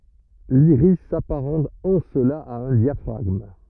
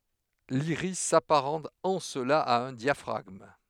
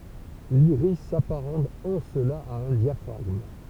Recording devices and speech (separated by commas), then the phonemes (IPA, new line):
rigid in-ear microphone, headset microphone, temple vibration pickup, read sentence
liʁis sapaʁɑ̃t ɑ̃ səla a œ̃ djafʁaɡm